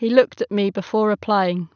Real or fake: real